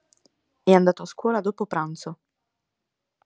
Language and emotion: Italian, neutral